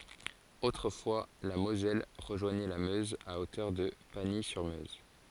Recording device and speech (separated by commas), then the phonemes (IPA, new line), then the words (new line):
forehead accelerometer, read sentence
otʁəfwa la mozɛl ʁəʒwaɲɛ la møz a otœʁ də paɲi syʁ møz
Autrefois, la Moselle rejoignait la Meuse à hauteur de Pagny-sur-Meuse.